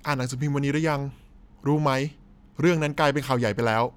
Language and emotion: Thai, neutral